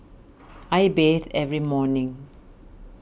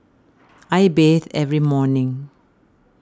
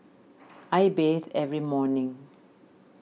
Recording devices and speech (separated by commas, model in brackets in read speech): boundary microphone (BM630), standing microphone (AKG C214), mobile phone (iPhone 6), read sentence